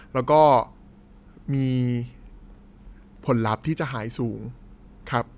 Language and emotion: Thai, neutral